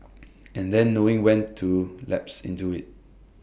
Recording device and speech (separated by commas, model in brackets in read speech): boundary microphone (BM630), read sentence